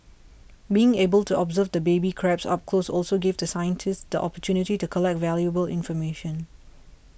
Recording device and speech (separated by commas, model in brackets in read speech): boundary microphone (BM630), read sentence